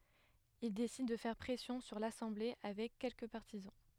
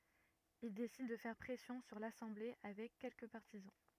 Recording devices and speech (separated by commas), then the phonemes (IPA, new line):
headset microphone, rigid in-ear microphone, read sentence
il desid də fɛʁ pʁɛsjɔ̃ syʁ lasɑ̃ble avɛk kɛlkə paʁtizɑ̃